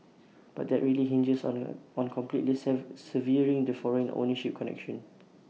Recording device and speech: mobile phone (iPhone 6), read sentence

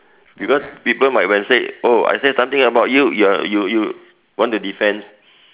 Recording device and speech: telephone, conversation in separate rooms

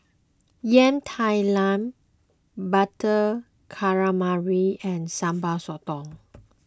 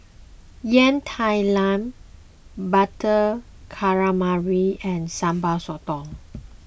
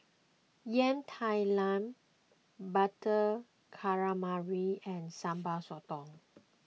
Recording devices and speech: close-talking microphone (WH20), boundary microphone (BM630), mobile phone (iPhone 6), read sentence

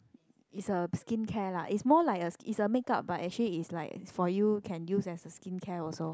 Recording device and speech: close-talking microphone, conversation in the same room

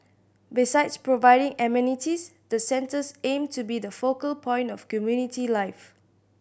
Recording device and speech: boundary microphone (BM630), read sentence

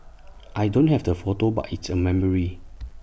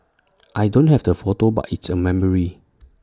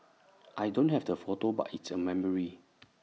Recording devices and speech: boundary microphone (BM630), standing microphone (AKG C214), mobile phone (iPhone 6), read sentence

